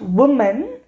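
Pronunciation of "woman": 'Woman' is pronounced incorrectly here.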